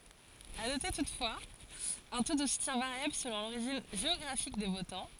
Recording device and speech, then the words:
forehead accelerometer, read sentence
À noter toutefois, un taux de soutien variable selon l'origine géographique des votants.

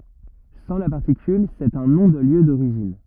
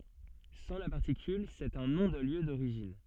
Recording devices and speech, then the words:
rigid in-ear microphone, soft in-ear microphone, read sentence
Sans la particule, c’est un nom de lieu d’origine.

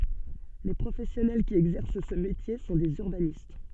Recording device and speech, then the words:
soft in-ear microphone, read sentence
Les professionnels qui exercent ce métier sont des urbanistes.

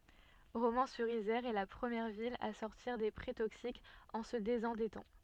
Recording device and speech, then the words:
soft in-ear microphone, read sentence
Romans-sur-Isère est la première ville à sortir des prêts toxiques en se désendettant.

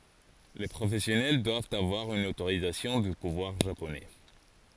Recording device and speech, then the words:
forehead accelerometer, read sentence
Les professionnels doivent avoir une autorisation du pouvoir japonais.

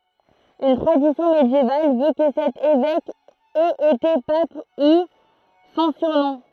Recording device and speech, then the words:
throat microphone, read sentence
Une tradition médiévale veut que cet évêque ait été pape, d'où son surnom.

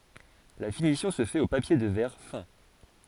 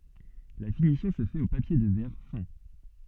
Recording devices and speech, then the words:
forehead accelerometer, soft in-ear microphone, read sentence
La finition se fait au papier de verre fin.

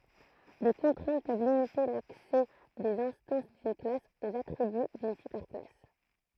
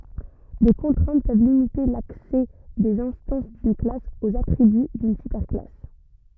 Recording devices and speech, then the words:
throat microphone, rigid in-ear microphone, read sentence
Des contraintes peuvent limiter l'accès des instances d'une classe aux attributs d'une super-classe.

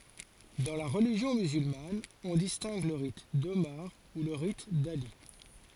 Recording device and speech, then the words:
forehead accelerometer, read sentence
Dans la religion musulmane on distingue le rite d'Omar ou le rite d'Ali.

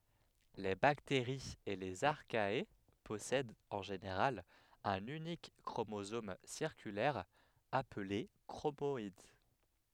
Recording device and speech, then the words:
headset microphone, read sentence
Les bactéries et les Archaea possèdent en général un unique chromosome circulaire appelé chromoïde.

